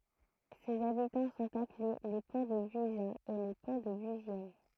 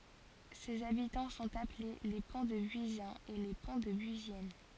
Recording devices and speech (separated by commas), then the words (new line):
throat microphone, forehead accelerometer, read sentence
Ses habitants sont appelés les Pontdebuisiens et les Pontdebuisiennes.